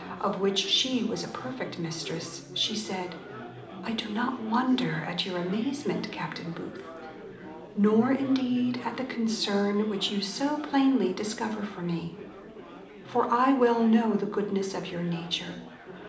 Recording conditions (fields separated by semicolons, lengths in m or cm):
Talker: one person; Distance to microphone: 2.0 m; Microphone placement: close; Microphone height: 99 cm; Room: medium-sized (5.7 m by 4.0 m); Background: babble